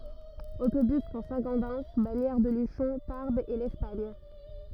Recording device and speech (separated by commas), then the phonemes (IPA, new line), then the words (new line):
rigid in-ear microphone, read sentence
otobys puʁ sɛ̃ ɡodɛn baɲɛʁ də lyʃɔ̃ taʁbz e lɛspaɲ
Autobus pour Saint-Gaudens, Bagnères-de-Luchon, Tarbes et l'Espagne.